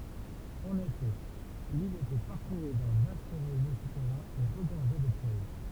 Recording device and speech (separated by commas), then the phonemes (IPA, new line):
temple vibration pickup, read sentence
ɑ̃n efɛ lil etɛ paʁkuʁy dœ̃ vast ʁezo sutɛʁɛ̃ e ʁəɡɔʁʒɛ də pjɛʒ